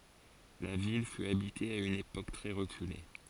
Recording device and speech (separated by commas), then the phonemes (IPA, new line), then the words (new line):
forehead accelerometer, read sentence
la vil fy abite a yn epok tʁɛ ʁəkyle
La ville fut habitée à une époque très reculée.